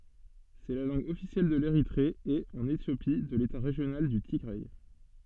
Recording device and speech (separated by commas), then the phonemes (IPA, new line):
soft in-ear microphone, read sentence
sɛ la lɑ̃ɡ ɔfisjɛl də leʁitʁe e ɑ̃n etjopi də leta ʁeʒjonal dy tiɡʁɛ